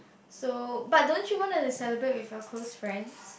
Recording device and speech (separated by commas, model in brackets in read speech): boundary microphone, conversation in the same room